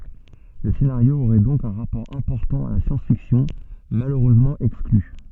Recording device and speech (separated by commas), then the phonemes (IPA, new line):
soft in-ear microphone, read sentence
lə senaʁjo oʁɛ dɔ̃k œ̃ ʁapɔʁ ɛ̃pɔʁtɑ̃ a la sjɑ̃s fiksjɔ̃ maløʁøzmɑ̃ ɛkskly